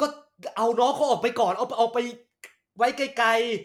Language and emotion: Thai, frustrated